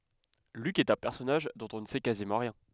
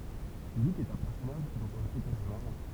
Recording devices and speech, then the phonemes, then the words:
headset microphone, temple vibration pickup, read sentence
lyk ɛt œ̃ pɛʁsɔnaʒ dɔ̃t ɔ̃ nə sɛ kazimɑ̃ ʁjɛ̃
Luc est un personnage dont on ne sait quasiment rien.

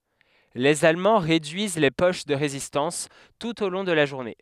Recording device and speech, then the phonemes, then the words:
headset microphone, read sentence
lez almɑ̃ ʁedyiz le poʃ də ʁezistɑ̃s tut o lɔ̃ də la ʒuʁne
Les Allemands réduisent les poches de résistance, tout au long de la journée.

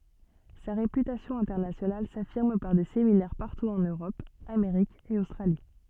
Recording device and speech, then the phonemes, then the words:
soft in-ear microphone, read sentence
sa ʁepytasjɔ̃ ɛ̃tɛʁnasjonal safiʁm paʁ de seminɛʁ paʁtu ɑ̃n øʁɔp ameʁik e ostʁali
Sa réputation internationale s’affirme par des séminaires partout en Europe, Amérique et Australie.

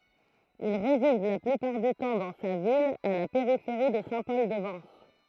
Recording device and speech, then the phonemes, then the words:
throat microphone, read sentence
il ʁezid la plypaʁ dy tɑ̃ dɑ̃ sa vila a la peʁifeʁi də sɛ̃ pɔl də vɑ̃s
Il réside la plupart du temps dans sa villa à la périphérie de Saint-Paul-de-Vence.

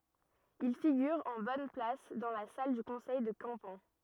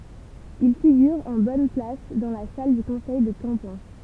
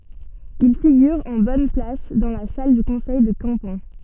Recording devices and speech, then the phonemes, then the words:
rigid in-ear microphone, temple vibration pickup, soft in-ear microphone, read sentence
il fiɡyʁ ɑ̃ bɔn plas dɑ̃ la sal dy kɔ̃sɛj də kɑ̃pɑ̃
Il figure en bonne place dans la salle du conseil de Campan.

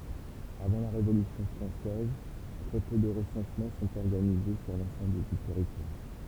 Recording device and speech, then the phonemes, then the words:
temple vibration pickup, read sentence
avɑ̃ la ʁevolysjɔ̃ fʁɑ̃sɛz tʁɛ pø də ʁəsɑ̃smɑ̃ sɔ̃t ɔʁɡanize syʁ lɑ̃sɑ̃bl dy tɛʁitwaʁ
Avant la Révolution française, très peu de recensements sont organisés sur l’ensemble du territoire.

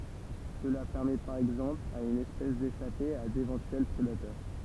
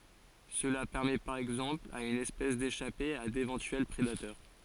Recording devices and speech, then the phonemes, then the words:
temple vibration pickup, forehead accelerometer, read sentence
səla pɛʁmɛ paʁ ɛɡzɑ̃pl a yn ɛspɛs deʃape a devɑ̃tyɛl pʁedatœʁ
Cela permet par exemple à une espèce d'échapper à d'éventuels prédateurs.

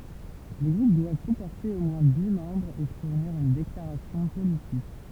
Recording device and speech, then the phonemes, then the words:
temple vibration pickup, read sentence
le ɡʁup dwav kɔ̃pɔʁte o mwɛ̃ di mɑ̃bʁz e fuʁniʁ yn deklaʁasjɔ̃ politik
Les groupes doivent comporter au moins dix membres et fournir une déclaration politique.

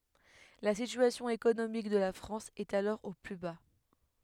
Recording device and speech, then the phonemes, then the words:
headset microphone, read sentence
la sityasjɔ̃ ekonomik də la fʁɑ̃s ɛt alɔʁ o ply ba
La situation économique de la France est alors au plus bas.

